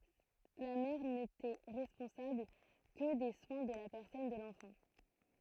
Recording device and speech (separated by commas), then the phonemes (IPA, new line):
throat microphone, read sentence
la mɛʁ netɛ ʁɛspɔ̃sabl kə de swɛ̃ də la pɛʁsɔn də lɑ̃fɑ̃